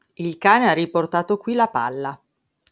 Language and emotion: Italian, neutral